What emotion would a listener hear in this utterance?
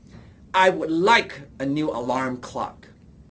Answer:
angry